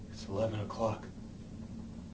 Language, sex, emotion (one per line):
English
male
neutral